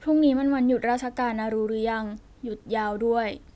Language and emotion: Thai, neutral